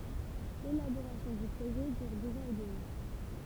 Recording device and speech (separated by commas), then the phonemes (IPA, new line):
temple vibration pickup, read sentence
lelaboʁasjɔ̃ dy pʁoʒɛ dyʁ døz ɑ̃z e dəmi